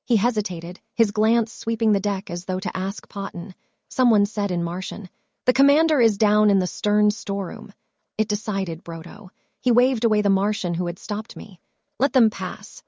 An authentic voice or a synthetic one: synthetic